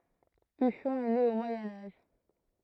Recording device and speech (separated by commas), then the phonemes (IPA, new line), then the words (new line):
throat microphone, read sentence
yʃɔ̃ ɛ ne o mwajɛ̃ aʒ
Uchon est née au Moyen Âge.